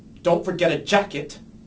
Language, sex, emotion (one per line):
English
male
angry